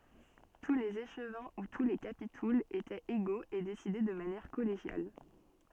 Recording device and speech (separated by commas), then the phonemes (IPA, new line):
soft in-ear microphone, read sentence
tu lez eʃvɛ̃ u tu le kapitulz etɛt eɡoz e desidɛ də manjɛʁ kɔleʒjal